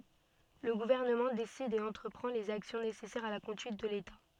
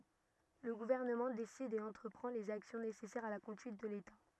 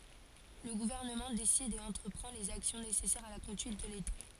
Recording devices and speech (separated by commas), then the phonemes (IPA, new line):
soft in-ear microphone, rigid in-ear microphone, forehead accelerometer, read sentence
lə ɡuvɛʁnəmɑ̃ desid e ɑ̃tʁəpʁɑ̃ lez aksjɔ̃ nesɛsɛʁz a la kɔ̃dyit də leta